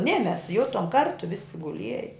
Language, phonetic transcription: Lithuanian, ne mes ˈjutom ˈkartu visi guˈlieja

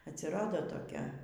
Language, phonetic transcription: Lithuanian, atsiˈrado toˈkia

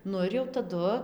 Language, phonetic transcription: Lithuanian, ˈnu ir jau taˈdu

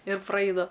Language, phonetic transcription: Lithuanian, ir praˈaina

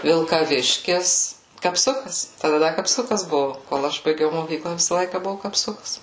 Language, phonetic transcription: Lithuanian, vilkaˈviškis kapˈsukas taˈda ˈda kapˈsukas ˈbuvu kol ˈaš baiˈgiau moˈkykla ˈvisa ˈlaika ˈbuvu kapˈsukas

